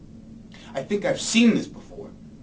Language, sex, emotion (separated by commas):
English, male, angry